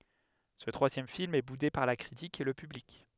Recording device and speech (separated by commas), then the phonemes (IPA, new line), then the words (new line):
headset microphone, read sentence
sə tʁwazjɛm film ɛ bude paʁ la kʁitik e lə pyblik
Ce troisième film est boudé par la critique et le public.